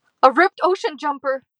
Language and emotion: English, fearful